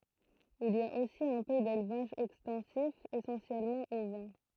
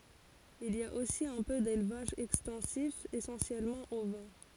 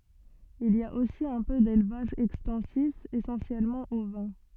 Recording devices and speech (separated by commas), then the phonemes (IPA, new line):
throat microphone, forehead accelerometer, soft in-ear microphone, read sentence
il i a osi œ̃ pø delvaʒ ɛkstɑ̃sif esɑ̃sjɛlmɑ̃ ovɛ̃